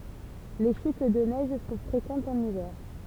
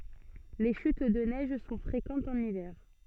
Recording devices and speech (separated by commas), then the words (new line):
temple vibration pickup, soft in-ear microphone, read sentence
Les chutes de neige sont fréquentes en hiver.